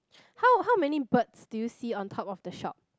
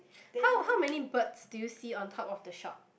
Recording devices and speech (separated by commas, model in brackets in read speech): close-talking microphone, boundary microphone, conversation in the same room